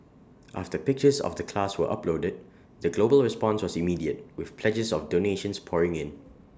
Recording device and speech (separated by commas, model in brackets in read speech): standing microphone (AKG C214), read sentence